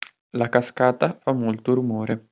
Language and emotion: Italian, neutral